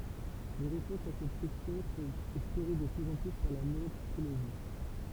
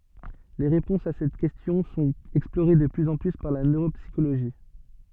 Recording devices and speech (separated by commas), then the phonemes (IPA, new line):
temple vibration pickup, soft in-ear microphone, read sentence
le ʁepɔ̃sz a sɛt kɛstjɔ̃ sɔ̃t ɛksploʁe də plyz ɑ̃ ply paʁ la nøʁopsikoloʒi